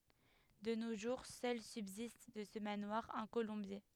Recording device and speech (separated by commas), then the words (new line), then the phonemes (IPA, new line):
headset microphone, read sentence
De nos jours, seul subsiste de ce manoir un colombier.
də no ʒuʁ sœl sybzist də sə manwaʁ œ̃ kolɔ̃bje